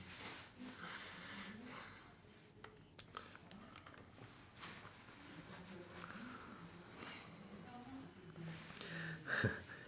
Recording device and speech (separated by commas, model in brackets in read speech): standing microphone, conversation in separate rooms